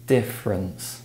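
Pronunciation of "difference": In 'difference', the schwa sound is reduced and the syllables are compressed.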